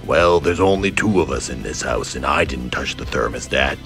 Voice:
gravelly voice